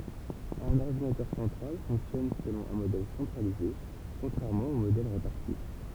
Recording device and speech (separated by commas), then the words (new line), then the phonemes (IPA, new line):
temple vibration pickup, read sentence
Un ordinateur central fonctionne selon un modèle centralisé, contrairement aux modèles répartis.
œ̃n ɔʁdinatœʁ sɑ̃tʁal fɔ̃ksjɔn səlɔ̃ œ̃ modɛl sɑ̃tʁalize kɔ̃tʁɛʁmɑ̃ o modɛl ʁepaʁti